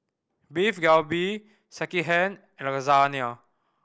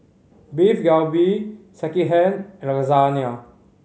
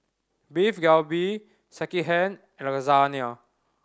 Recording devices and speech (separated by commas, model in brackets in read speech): boundary microphone (BM630), mobile phone (Samsung C5010), standing microphone (AKG C214), read sentence